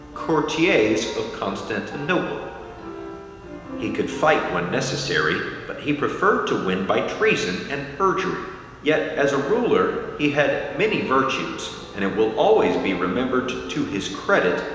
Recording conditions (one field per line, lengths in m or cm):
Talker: one person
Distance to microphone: 1.7 m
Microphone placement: close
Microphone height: 1.0 m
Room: very reverberant, large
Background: music